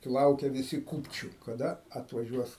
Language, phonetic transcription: Lithuanian, ˈlaukia viˈsi ˈkūpčiu kaˈda atvaˈžiuos

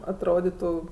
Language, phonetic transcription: Lithuanian, atˈroditu

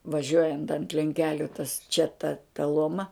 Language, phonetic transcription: Lithuanian, vaˈžiuojant ant lenˈkeliu tas čia ta ta ˈloma

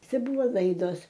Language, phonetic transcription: Lithuanian, ˈcia ˈbuvo ˈlaidos

